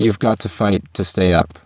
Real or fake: fake